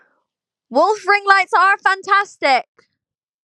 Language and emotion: English, neutral